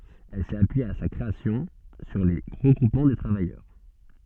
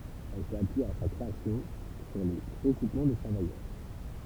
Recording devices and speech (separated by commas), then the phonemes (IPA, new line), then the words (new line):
soft in-ear microphone, temple vibration pickup, read sentence
ɛl sɛt apyije a sa kʁeasjɔ̃ syʁ le ʁəɡʁupmɑ̃ də tʁavajœʁ
Elle s’est appuyée à sa création sur les regroupements de travailleurs.